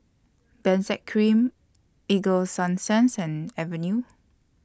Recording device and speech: standing microphone (AKG C214), read sentence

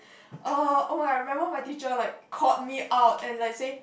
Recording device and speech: boundary microphone, conversation in the same room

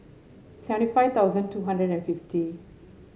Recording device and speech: mobile phone (Samsung S8), read sentence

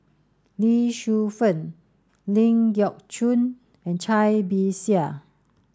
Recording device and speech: standing microphone (AKG C214), read sentence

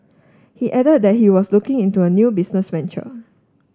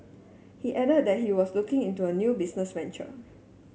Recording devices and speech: standing microphone (AKG C214), mobile phone (Samsung S8), read sentence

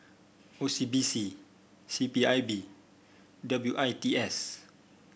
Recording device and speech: boundary microphone (BM630), read sentence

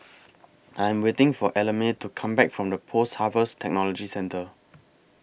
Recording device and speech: boundary microphone (BM630), read sentence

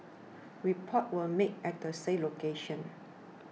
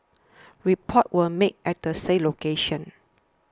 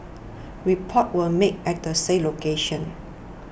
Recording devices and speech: mobile phone (iPhone 6), standing microphone (AKG C214), boundary microphone (BM630), read sentence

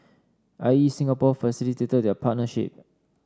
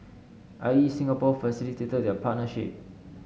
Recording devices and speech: standing microphone (AKG C214), mobile phone (Samsung S8), read sentence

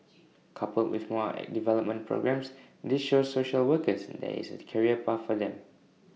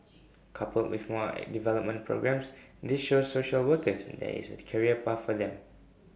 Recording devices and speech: mobile phone (iPhone 6), boundary microphone (BM630), read sentence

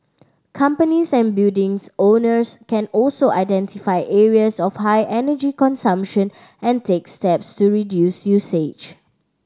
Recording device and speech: standing microphone (AKG C214), read sentence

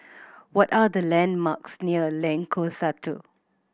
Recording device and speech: boundary microphone (BM630), read sentence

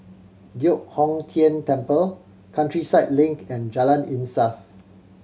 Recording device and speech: mobile phone (Samsung C7100), read sentence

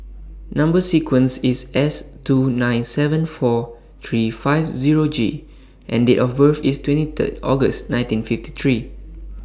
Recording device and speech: standing microphone (AKG C214), read sentence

